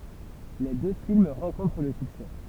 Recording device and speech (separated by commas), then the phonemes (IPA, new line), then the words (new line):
temple vibration pickup, read sentence
le dø film ʁɑ̃kɔ̃tʁ lə syksɛ
Les deux films rencontrent le succès.